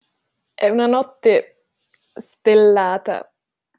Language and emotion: Italian, happy